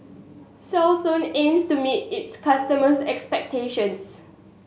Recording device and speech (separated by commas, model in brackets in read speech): mobile phone (Samsung S8), read sentence